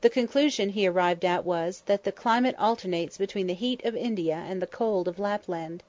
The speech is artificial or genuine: genuine